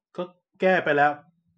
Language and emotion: Thai, frustrated